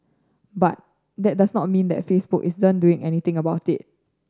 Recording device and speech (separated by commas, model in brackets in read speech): standing microphone (AKG C214), read sentence